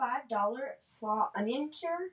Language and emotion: English, disgusted